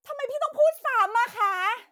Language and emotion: Thai, angry